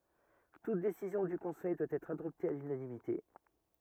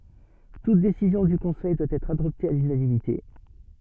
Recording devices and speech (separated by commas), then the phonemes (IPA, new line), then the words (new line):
rigid in-ear microphone, soft in-ear microphone, read sentence
tut desizjɔ̃ dy kɔ̃sɛj dwa ɛtʁ adɔpte a lynanimite
Toute décision du Conseil doit être adoptée à l'unanimité.